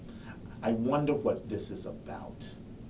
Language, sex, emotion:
English, male, disgusted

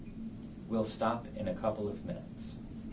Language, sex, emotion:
English, male, neutral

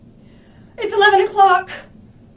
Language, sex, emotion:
English, female, fearful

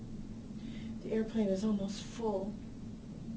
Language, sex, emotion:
English, female, sad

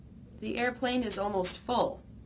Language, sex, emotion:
English, female, neutral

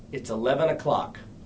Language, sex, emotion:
English, male, neutral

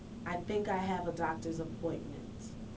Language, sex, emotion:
English, female, neutral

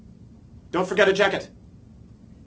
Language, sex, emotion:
English, male, fearful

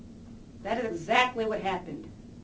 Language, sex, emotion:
English, female, angry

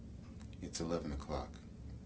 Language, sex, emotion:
English, male, neutral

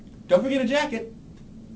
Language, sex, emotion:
English, male, happy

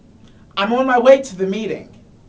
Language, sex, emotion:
English, male, neutral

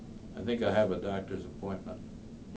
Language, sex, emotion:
English, male, neutral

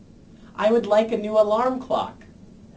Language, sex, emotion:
English, male, neutral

